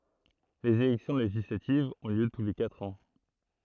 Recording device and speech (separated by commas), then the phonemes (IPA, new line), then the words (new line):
throat microphone, read sentence
lez elɛksjɔ̃ leʒislativz ɔ̃ ljø tu le katʁ ɑ̃
Les élections législatives ont lieu tous les quatre ans.